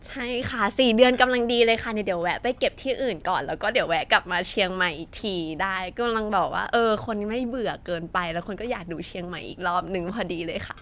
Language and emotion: Thai, happy